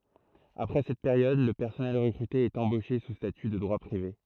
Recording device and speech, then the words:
throat microphone, read sentence
Après cette période, le personnel recruté est embauché sous statut de droit privé.

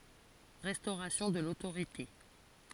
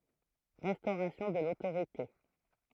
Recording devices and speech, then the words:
forehead accelerometer, throat microphone, read sentence
Restauration de l'autorité.

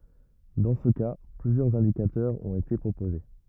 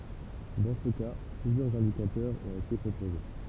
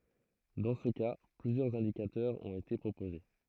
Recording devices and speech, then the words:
rigid in-ear microphone, temple vibration pickup, throat microphone, read sentence
Dans ce cas, plusieurs indicateurs ont été proposés.

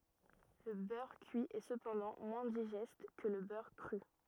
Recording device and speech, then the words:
rigid in-ear microphone, read sentence
Le beurre cuit est cependant moins digeste que le beurre cru.

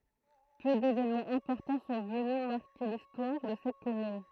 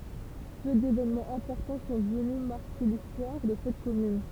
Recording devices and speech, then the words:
throat microphone, temple vibration pickup, read sentence
Peu d'événements importants sont venus marquer l'histoire de cette commune.

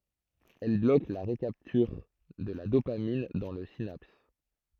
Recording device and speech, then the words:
throat microphone, read sentence
Elle bloque la recapture de la dopamine dans la synapse.

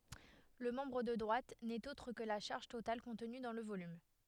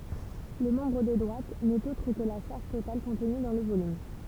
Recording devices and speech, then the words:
headset microphone, temple vibration pickup, read sentence
Le membre de droite n’est autre que la charge totale contenue dans le volume.

